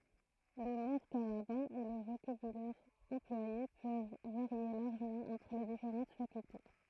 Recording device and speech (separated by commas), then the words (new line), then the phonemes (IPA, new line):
throat microphone, read sentence
L'humour carabin et le vocabulaire employé peuvent varier largement entre les différentes facultés.
lymuʁ kaʁabɛ̃ e lə vokabylɛʁ ɑ̃plwaje pøv vaʁje laʁʒəmɑ̃ ɑ̃tʁ le difeʁɑ̃t fakylte